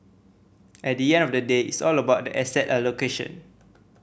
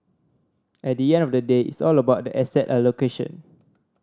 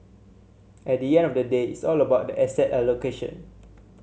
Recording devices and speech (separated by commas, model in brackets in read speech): boundary microphone (BM630), standing microphone (AKG C214), mobile phone (Samsung C7100), read sentence